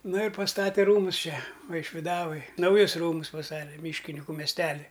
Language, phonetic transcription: Lithuanian, nu ir pasˈtate ˈrūmus ˈčia vaišviˈdavoj nauˈjus ˈrūmus paˈstate ˈmyškiniku mesˈteli

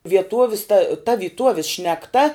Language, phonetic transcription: Lithuanian, vieˈtovis ta ta vyˈtuovis šnekˈta

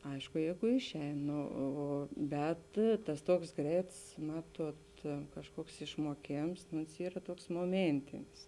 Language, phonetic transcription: Lithuanian, ˈaišku ˈjeigu ˈišˌein ˈno ˈo o ˈbet tas ˈtuoks ˈgreits ˈmatuot kažˈkuoks išmuoˈkėms nu ons ˈyra ˈtuoks moˈmėntinis

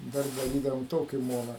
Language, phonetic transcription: Lithuanian, dar daˈrydavom ˈtoki ˈmona

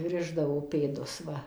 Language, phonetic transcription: Lithuanian, ˈrišdavo ˈpėdus ˈva

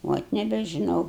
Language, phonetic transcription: Lithuanian, ˈvot nebežiˈnau

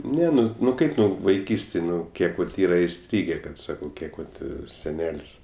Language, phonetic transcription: Lithuanian, ˈne ˈnu nu ˈkaip ˈnu vaiˈkystėj ˈnu ˈkiek vat ˈyra iˈstrygė ˈkad ˈsakau ˈkiek vat seˈnel's'

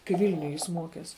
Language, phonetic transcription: Lithuanian, kai ˈvilniuj ˈjis ˈmuokes

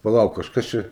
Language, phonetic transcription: Lithuanian, paˈlauk kažˈkas ˈčia

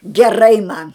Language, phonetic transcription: Lithuanian, geˈrai man

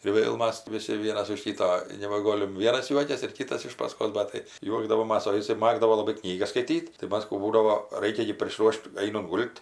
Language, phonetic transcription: Lithuanian, ir ˈvėl ˈmas ˈvisi ˈvienas už ˈkyto ir nebaˈgolim ˈvienas ˈjuokias ir ˈkytas iš paˈskos ˈbat tai ˈjuokdavomas o iˈsai ˈmagdavo ˈlabai ˈknygas skaiˈtyt tai ˈmas ˈkų ˈbūdavo ˈraikia gi prisˈruošt ˈainunt ˈgult

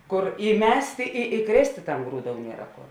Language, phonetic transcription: Lithuanian, ˈkur įˈmestė i įˈkrėstė tam ˈgrūˌdou ˈniera ˈkor

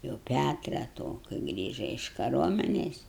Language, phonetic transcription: Lithuanian, jau ˈpætra to kai ˈgrįža iš kaˈruomenės

